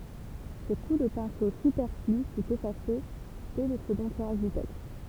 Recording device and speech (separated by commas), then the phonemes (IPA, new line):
temple vibration pickup, read sentence
sə ku də pɛ̃so sypɛʁfly fy efase dɛ lə səɡɔ̃ tiʁaʒ dy tɛkst